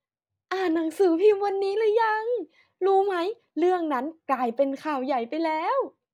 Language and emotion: Thai, happy